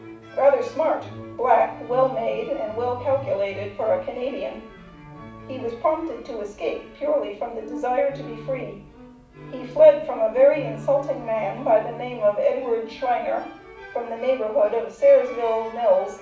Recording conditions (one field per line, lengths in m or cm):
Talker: one person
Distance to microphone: 5.8 m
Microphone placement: far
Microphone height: 1.8 m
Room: medium-sized (5.7 m by 4.0 m)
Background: music